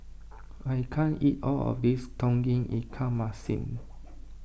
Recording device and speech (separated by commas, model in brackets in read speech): boundary microphone (BM630), read sentence